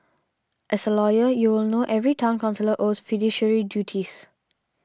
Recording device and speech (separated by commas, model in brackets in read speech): standing microphone (AKG C214), read sentence